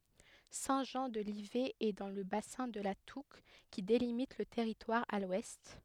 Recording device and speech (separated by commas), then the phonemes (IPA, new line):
headset microphone, read sentence
sɛ̃ ʒɑ̃ də livɛ ɛ dɑ̃ lə basɛ̃ də la tuk ki delimit lə tɛʁitwaʁ a lwɛst